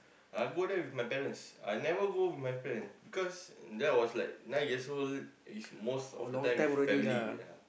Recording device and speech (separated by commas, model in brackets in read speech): boundary microphone, conversation in the same room